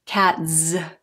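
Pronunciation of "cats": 'Cats' is said here in an unnatural way that is difficult to say.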